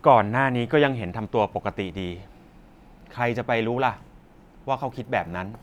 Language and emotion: Thai, neutral